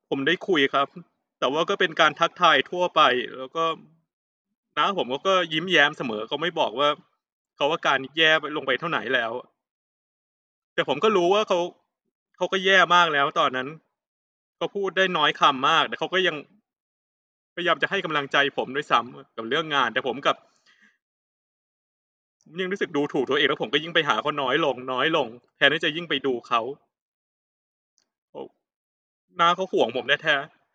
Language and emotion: Thai, sad